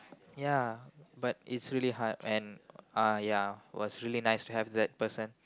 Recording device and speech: close-talking microphone, conversation in the same room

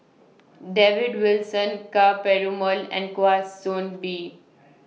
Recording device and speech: mobile phone (iPhone 6), read sentence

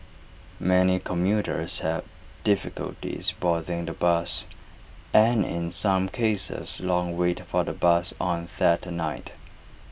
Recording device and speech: boundary microphone (BM630), read sentence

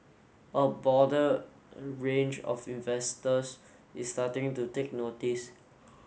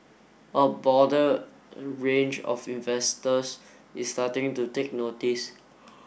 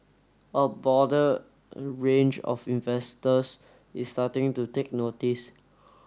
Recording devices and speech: mobile phone (Samsung S8), boundary microphone (BM630), standing microphone (AKG C214), read sentence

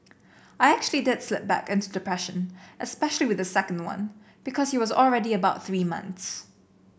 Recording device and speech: boundary microphone (BM630), read sentence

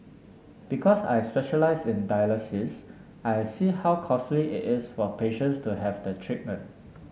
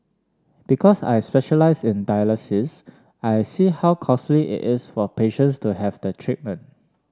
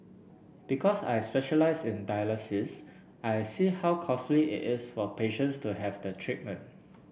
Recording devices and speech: mobile phone (Samsung S8), standing microphone (AKG C214), boundary microphone (BM630), read sentence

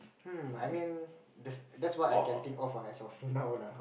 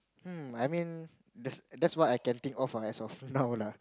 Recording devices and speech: boundary microphone, close-talking microphone, conversation in the same room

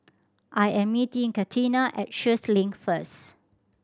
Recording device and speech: standing microphone (AKG C214), read sentence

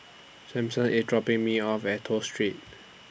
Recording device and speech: boundary microphone (BM630), read sentence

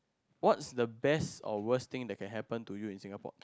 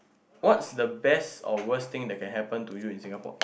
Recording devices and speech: close-talking microphone, boundary microphone, conversation in the same room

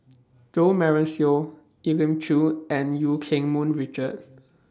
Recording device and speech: standing microphone (AKG C214), read sentence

